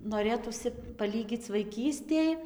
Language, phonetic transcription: Lithuanian, noˈrėtųsi paˈlygyc vaiˈkystėj

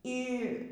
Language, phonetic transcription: Lithuanian, y

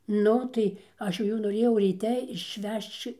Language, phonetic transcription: Lithuanian, ˈnu ˈtai ˈaš jau ˈjų noˈrėjau ryˈte išˈvežč

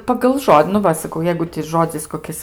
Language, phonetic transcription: Lithuanian, pagal ˈžodi nu ˈva saˈkau ˈjeigu ti ˈžodzis koˈkis

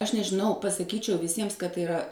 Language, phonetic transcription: Lithuanian, aš nežiˈnau pasaˈkyčiau viˈsiems kad tai iˈra

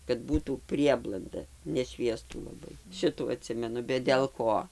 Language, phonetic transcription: Lithuanian, kad ˈbūtų ˈprieblanda neˈšviestų laˈbai ˈšitų aˈtsimenu bet del ˈko

